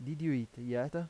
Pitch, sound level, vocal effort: 135 Hz, 86 dB SPL, normal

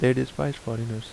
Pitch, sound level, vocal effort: 115 Hz, 76 dB SPL, normal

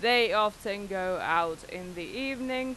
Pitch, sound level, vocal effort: 200 Hz, 93 dB SPL, very loud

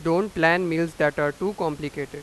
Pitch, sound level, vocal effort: 165 Hz, 95 dB SPL, loud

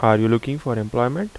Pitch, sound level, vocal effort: 120 Hz, 81 dB SPL, normal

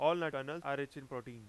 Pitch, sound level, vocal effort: 140 Hz, 96 dB SPL, very loud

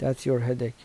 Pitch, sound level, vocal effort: 125 Hz, 78 dB SPL, soft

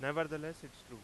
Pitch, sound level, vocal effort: 145 Hz, 95 dB SPL, very loud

